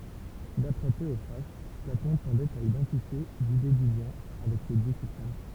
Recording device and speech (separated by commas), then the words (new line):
temple vibration pickup, read sentence
D’après Théophraste, Platon tendait à identifier l’Idée du Bien avec le Dieu suprême.